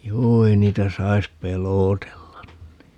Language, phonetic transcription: Finnish, 'juu ei 'niitä 'sais "pelootellan (ni) .
- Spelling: juu ei niitä saisi pelotella niin

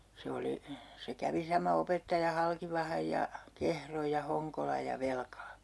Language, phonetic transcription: Finnish, 'se oli , se 'kävi sama 'opettaja 'Halkivahaj ja , "Kehroj ja 'Hoŋkolaj ja "Velkala .
- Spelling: se oli se kävi sama opettaja Halkivahan ja Kehron ja Honkolan ja Velkalan

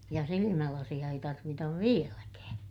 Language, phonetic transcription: Finnish, ja silimälasiʲa ei tarvitav vieläkää .
- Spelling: ja silmälaseja ei tarvita vieläkään

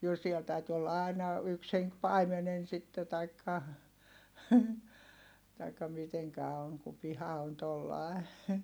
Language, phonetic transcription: Finnish, jo siɛl täyty olla ài̮na , yks heŋk paimenen sitte taikka , taikka miteŋkä oŋ ku piha on tollài̮ .
- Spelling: jo siellä täytyi olla aina yksi henki paimenena sitten tai tai miten on kun piha on tuolla lailla

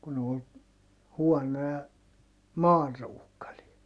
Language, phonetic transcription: Finnish, kun ‿ol , huɔnoja , maanruukkalia .
- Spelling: kun oli huonoja maanruukareita

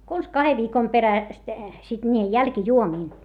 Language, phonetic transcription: Finnish, kons kahev viikom peräst , sit niijej jälkⁱjuomiin .
- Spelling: konsa kahden viikon perästä sitten niihin jälkijuomiin

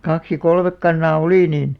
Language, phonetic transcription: Finnish, 'kaks ja "kolmek 'kannaa "oli niin ,.
- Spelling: kaksi ja kolme kanaa oli niin

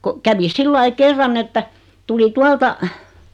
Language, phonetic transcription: Finnish, ko , kävi 'sillai 'kerran että , tuli 'tualta ,.
- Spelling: kun kävi sillä lailla kerran että tuli tuolta

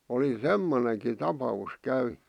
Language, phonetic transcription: Finnish, oli "semmoneŋki "tapa₍us 'käynʏ .
- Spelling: oli semmoinenkin tapaus käynyt

